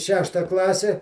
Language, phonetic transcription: Lithuanian, ˈšešta ˈklase

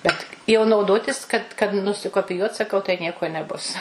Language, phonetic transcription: Lithuanian, ˈbet jau nauˈdotis kad kad nusikopiˈjuot saˈkau tai ˈnieko neˈbus

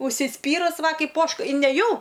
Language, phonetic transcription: Lithuanian, užsiˈspyrus ˈva ˈkaip ˈožka i neˈjau

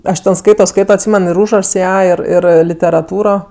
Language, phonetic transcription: Lithuanian, ˈaš ˈten ˈskaito ˈskaito atˈsymen ir ˈūžrašs ˈją ˈir ˈir literaˈtūro

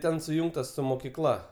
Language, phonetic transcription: Lithuanian, ˈten suˈjungtas su mokiˈkla

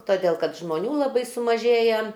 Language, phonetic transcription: Lithuanian, toˈdėl kad žmoˈnių laˈbai sumaˈžėje

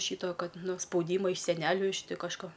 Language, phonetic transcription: Lithuanian, ˈšyto ˈkad ˈnu spauˈdyma iš seˈneliu iš ˈti kažˈko

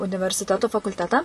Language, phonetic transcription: Lithuanian, universiˈteto fakulˈtetą

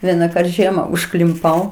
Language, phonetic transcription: Lithuanian, ˈvienaˌkart ˈžiema užklimˈpau

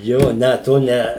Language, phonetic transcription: Lithuanian, ˈjo ˈne to ˈne

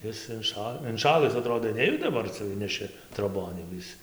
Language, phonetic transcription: Lithuanian, ˈis inˈša inˈšalɨs aˈtrodo ˈnejuda daˈbar ˈcia ˈinneši troˈbon jau ˈis

